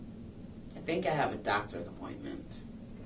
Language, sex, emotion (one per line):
English
female
neutral